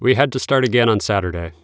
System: none